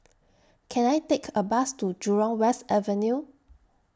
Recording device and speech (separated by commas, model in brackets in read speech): standing microphone (AKG C214), read sentence